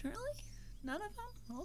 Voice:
small voice